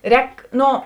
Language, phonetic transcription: Lithuanian, ˈrēk ˈno

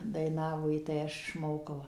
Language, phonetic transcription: Lithuanian, daiˈnavo ji tai ˈaš išˈmokau

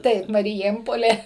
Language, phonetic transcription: Lithuanian, ˈtaip mariˈjėmpolė

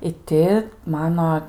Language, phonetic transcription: Lithuanian, i ˈti ˈmano

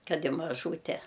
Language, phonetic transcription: Lithuanian, ˈkad i maˈžūte

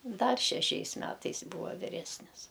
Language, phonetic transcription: Lithuanian, ˈdar šeˈšiais ˈmetais ˈbūva viˈresnis

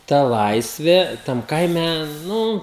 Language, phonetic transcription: Lithuanian, ˈta ˈlaisvė tam ˈkaime ˈnu

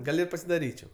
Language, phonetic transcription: Lithuanian, ˈgal' i pasidaˈryčiau

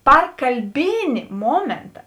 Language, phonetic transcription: Lithuanian, ˈpar kalˈbėni ˈmomėnta

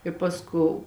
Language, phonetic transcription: Lithuanian, i ˈpasˌkou

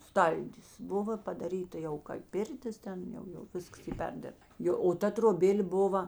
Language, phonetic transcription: Lithuanian, ˈstaldis ˈbuvo padaˈryta jau kai ˈpirtis ˈten ˈjau jau ˈviskas ˈy ˈperdirbt ˈjo o ˈta troˈbėl' ˈbuva

